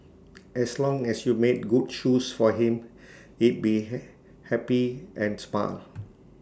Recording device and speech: standing microphone (AKG C214), read sentence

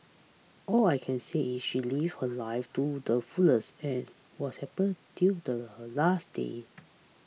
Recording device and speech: mobile phone (iPhone 6), read sentence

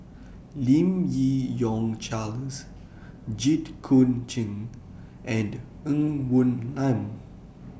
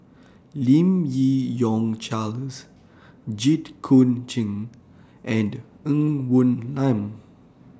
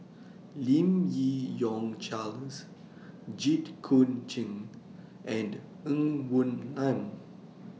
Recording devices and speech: boundary microphone (BM630), standing microphone (AKG C214), mobile phone (iPhone 6), read sentence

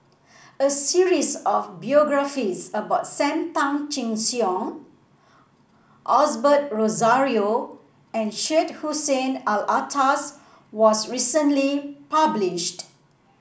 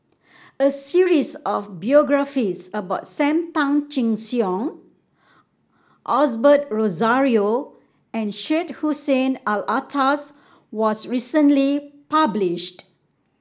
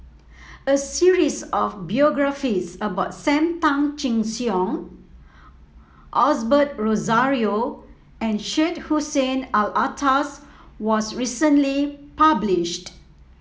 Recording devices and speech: boundary microphone (BM630), standing microphone (AKG C214), mobile phone (iPhone 7), read sentence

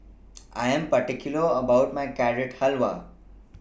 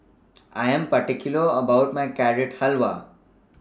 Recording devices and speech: boundary microphone (BM630), standing microphone (AKG C214), read sentence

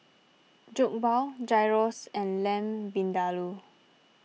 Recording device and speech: mobile phone (iPhone 6), read sentence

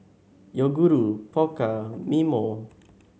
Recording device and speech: mobile phone (Samsung S8), read sentence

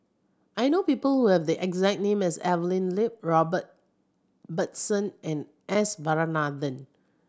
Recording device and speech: standing microphone (AKG C214), read sentence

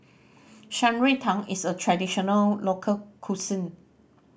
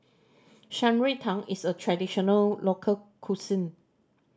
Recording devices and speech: boundary microphone (BM630), standing microphone (AKG C214), read sentence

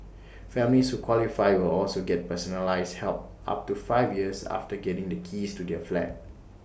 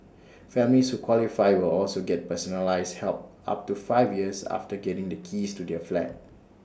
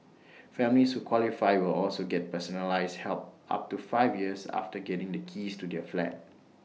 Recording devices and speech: boundary microphone (BM630), standing microphone (AKG C214), mobile phone (iPhone 6), read sentence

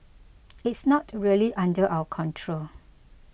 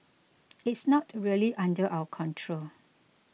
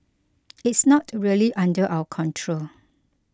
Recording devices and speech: boundary microphone (BM630), mobile phone (iPhone 6), close-talking microphone (WH20), read sentence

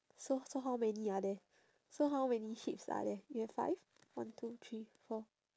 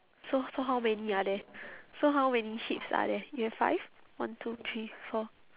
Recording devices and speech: standing microphone, telephone, conversation in separate rooms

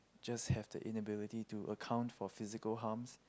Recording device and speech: close-talking microphone, conversation in the same room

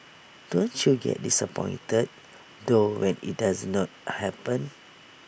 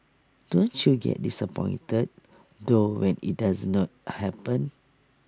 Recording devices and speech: boundary microphone (BM630), standing microphone (AKG C214), read sentence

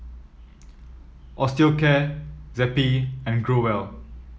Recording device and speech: mobile phone (iPhone 7), read sentence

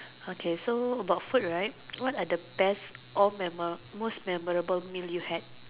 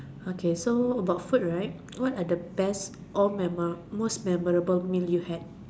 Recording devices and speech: telephone, standing microphone, conversation in separate rooms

